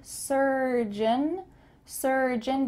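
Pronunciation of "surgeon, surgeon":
The word 'surgeon' is said twice. Each time, its ending is kind of swallowed and sounds like 'un'.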